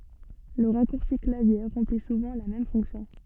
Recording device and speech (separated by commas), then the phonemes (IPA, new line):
soft in-ear microphone, read sentence
lə ʁakuʁsi klavje ʁɑ̃pli suvɑ̃ la mɛm fɔ̃ksjɔ̃